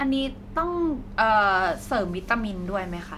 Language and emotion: Thai, neutral